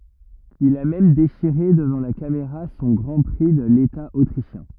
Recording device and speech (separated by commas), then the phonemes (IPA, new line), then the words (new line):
rigid in-ear microphone, read sentence
il a mɛm deʃiʁe dəvɑ̃ la kameʁa sɔ̃ ɡʁɑ̃ pʁi də leta otʁiʃjɛ̃
Il a même déchiré devant la caméra son Grand Prix de l’État autrichien.